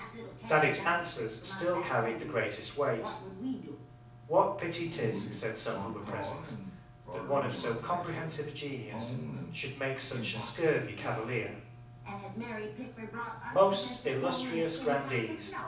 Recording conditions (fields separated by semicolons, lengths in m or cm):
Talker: one person; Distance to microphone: 5.8 m; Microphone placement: far; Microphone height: 1.8 m; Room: medium-sized (5.7 m by 4.0 m); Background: television